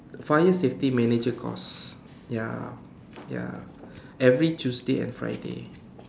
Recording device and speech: standing microphone, conversation in separate rooms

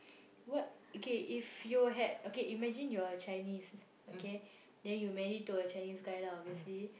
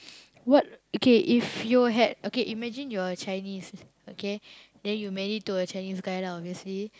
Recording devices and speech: boundary microphone, close-talking microphone, conversation in the same room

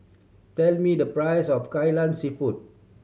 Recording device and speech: mobile phone (Samsung C7100), read sentence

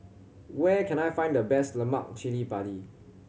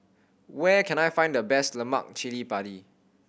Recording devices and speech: mobile phone (Samsung C7100), boundary microphone (BM630), read sentence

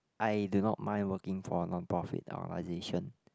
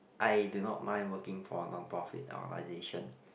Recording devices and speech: close-talking microphone, boundary microphone, conversation in the same room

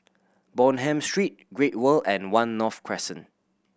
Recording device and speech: boundary microphone (BM630), read sentence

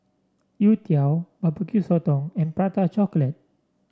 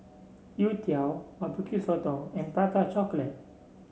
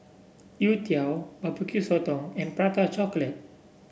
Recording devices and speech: standing microphone (AKG C214), mobile phone (Samsung C7), boundary microphone (BM630), read sentence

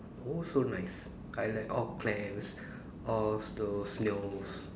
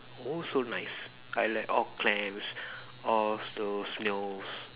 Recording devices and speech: standing microphone, telephone, conversation in separate rooms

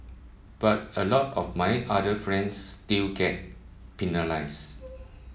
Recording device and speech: mobile phone (iPhone 7), read sentence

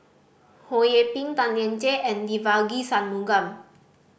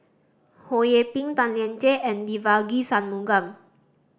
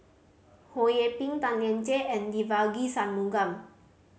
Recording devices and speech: boundary microphone (BM630), standing microphone (AKG C214), mobile phone (Samsung C5010), read sentence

